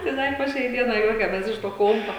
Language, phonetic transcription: Lithuanian, tai ˈda i po ˈšiai ˈdienai ˈjuokiames ˈiš to ˈkompa

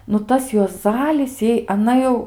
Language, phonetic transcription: Lithuanian, nu ˈtas juoˈzalis ˈjai aˈna jau

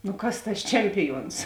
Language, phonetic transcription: Lithuanian, nu ˈkas tas ˈčempiˌjuons

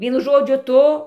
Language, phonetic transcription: Lithuanian, ˈvienu ˈžodžiu ˈtu

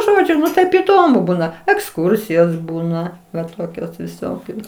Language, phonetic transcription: Lithuanian, ˈžodžiu nu ˈtaip įˈdomu ˈbūna eksˈkursijos ˈbūna va ˈtokios viˈsokios

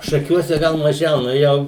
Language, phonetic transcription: Lithuanian, šaˈkiuose ˈgal maˈžiau ˈnu ˈjau

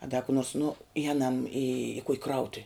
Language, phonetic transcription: Lithuanian, a da ku nors nu iˈjenam i kuk' ˈkrautuv'

